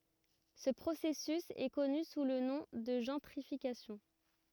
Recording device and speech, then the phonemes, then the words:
rigid in-ear microphone, read sentence
sə pʁosɛsys ɛ kɔny su lə nɔ̃ də ʒɑ̃tʁifikasjɔ̃
Ce processus est connu sous le nom de gentrification.

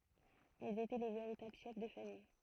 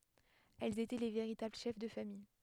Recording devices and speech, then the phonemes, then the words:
throat microphone, headset microphone, read sentence
ɛlz etɛ le veʁitabl ʃɛf də famij
Elles étaient les véritables chefs de famille.

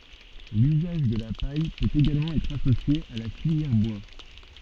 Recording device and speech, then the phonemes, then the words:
soft in-ear microphone, read sentence
lyzaʒ də la paj pøt eɡalmɑ̃ ɛtʁ asosje a la filjɛʁ bwa
L’usage de la paille peut également être associé à la filière bois.

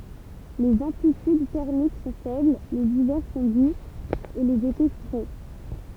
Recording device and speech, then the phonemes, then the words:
temple vibration pickup, read sentence
lez ɑ̃plityd tɛʁmik sɔ̃ fɛbl lez ivɛʁ sɔ̃ duz e lez ete fʁɛ
Les amplitudes thermiques sont faibles, les hivers sont doux et les étés frais.

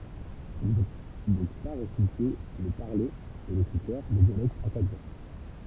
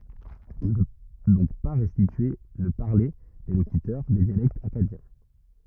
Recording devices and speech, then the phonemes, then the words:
temple vibration pickup, rigid in-ear microphone, read sentence
ɔ̃ nə pø dɔ̃k pa ʁɛstitye lə paʁle de lokytœʁ de djalɛktz akkadjɛ̃
On ne peut donc pas restituer le parler des locuteurs des dialectes akkadiens.

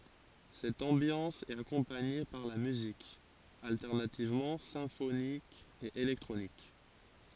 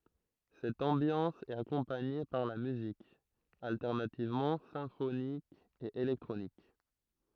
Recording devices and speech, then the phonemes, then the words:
forehead accelerometer, throat microphone, read sentence
sɛt ɑ̃bjɑ̃s ɛt akɔ̃paɲe paʁ la myzik altɛʁnativmɑ̃ sɛ̃fonik e elɛktʁonik
Cette ambiance est accompagnée par la musique, alternativement symphonique et électronique.

